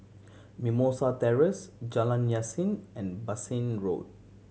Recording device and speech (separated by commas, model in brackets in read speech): mobile phone (Samsung C7100), read sentence